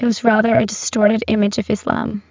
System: VC, spectral filtering